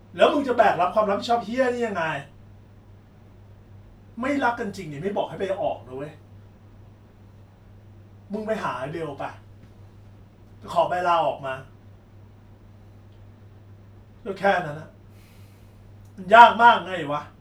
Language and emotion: Thai, angry